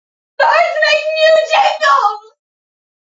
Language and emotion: English, sad